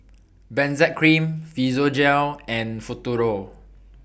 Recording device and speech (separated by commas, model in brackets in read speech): boundary microphone (BM630), read sentence